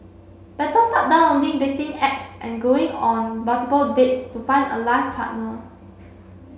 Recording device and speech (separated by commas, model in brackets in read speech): mobile phone (Samsung C7), read sentence